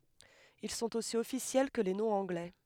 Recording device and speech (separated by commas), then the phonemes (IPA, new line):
headset microphone, read sentence
il sɔ̃t osi ɔfisjɛl kə le nɔ̃z ɑ̃ɡlɛ